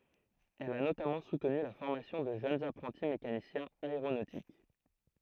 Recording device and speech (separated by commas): throat microphone, read sentence